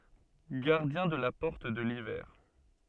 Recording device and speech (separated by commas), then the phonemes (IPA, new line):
soft in-ear microphone, read sentence
ɡaʁdjɛ̃ də la pɔʁt də livɛʁ